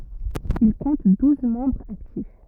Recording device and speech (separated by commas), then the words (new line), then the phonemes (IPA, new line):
rigid in-ear microphone, read sentence
Il compte douze membres actifs.
il kɔ̃t duz mɑ̃bʁz aktif